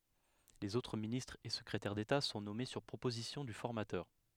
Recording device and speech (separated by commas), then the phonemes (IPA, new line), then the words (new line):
headset microphone, read sentence
lez otʁ ministʁz e səkʁetɛʁ deta sɔ̃ nɔme syʁ pʁopozisjɔ̃ dy fɔʁmatœʁ
Les autres ministres et secrétaires d’État sont nommés sur proposition du formateur.